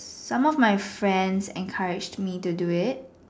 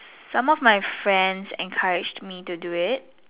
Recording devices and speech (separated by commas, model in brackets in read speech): standing microphone, telephone, conversation in separate rooms